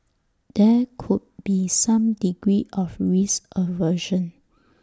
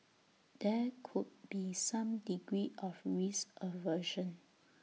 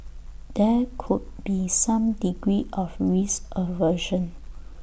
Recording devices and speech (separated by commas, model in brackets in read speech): standing microphone (AKG C214), mobile phone (iPhone 6), boundary microphone (BM630), read sentence